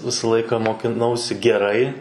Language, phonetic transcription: Lithuanian, ˈvisa ˈlaika mokiˈnausi geˈrai

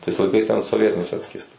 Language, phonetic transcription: Lithuanian, tais laiˈkais ten soˈvietiniais ˈatskiesta

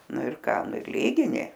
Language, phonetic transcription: Lithuanian, ˈnu ir ˈką ˈnu ir ˈlygini

